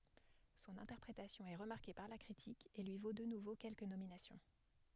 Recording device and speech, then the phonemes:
headset microphone, read sentence
sɔ̃n ɛ̃tɛʁpʁetasjɔ̃ ɛ ʁəmaʁke paʁ la kʁitik e lyi vo də nuvo kɛlkə nominasjɔ̃

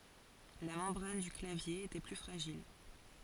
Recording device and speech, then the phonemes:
forehead accelerometer, read sentence
la mɑ̃bʁan dy klavje etɛ ply fʁaʒil

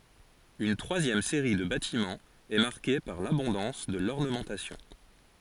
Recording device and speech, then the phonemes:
forehead accelerometer, read sentence
yn tʁwazjɛm seʁi də batimɑ̃z ɛ maʁke paʁ labɔ̃dɑ̃s də lɔʁnəmɑ̃tasjɔ̃

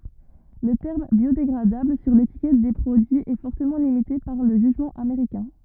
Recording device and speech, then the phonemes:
rigid in-ear microphone, read sentence
lə tɛʁm bjodeɡʁadabl syʁ letikɛt de pʁodyiz ɛ fɔʁtəmɑ̃ limite paʁ lə ʒyʒmɑ̃ ameʁikɛ̃

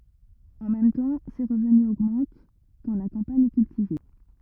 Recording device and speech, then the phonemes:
rigid in-ear microphone, read sentence
ɑ̃ mɛm tɑ̃ se ʁəvny oɡmɑ̃t kɑ̃ la kɑ̃paɲ ɛ kyltive

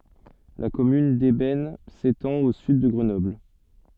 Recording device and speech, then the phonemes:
soft in-ear microphone, read sentence
la kɔmyn dɛbɛn setɑ̃t o syd də ɡʁənɔbl

